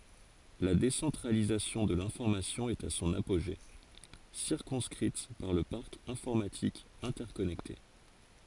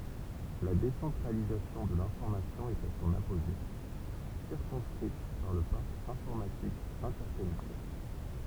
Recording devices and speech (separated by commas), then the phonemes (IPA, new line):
forehead accelerometer, temple vibration pickup, read sentence
la desɑ̃tʁalizasjɔ̃ də lɛ̃fɔʁmasjɔ̃ ɛt a sɔ̃n apoʒe siʁkɔ̃skʁit paʁ lə paʁk ɛ̃fɔʁmatik ɛ̃tɛʁkɔnɛkte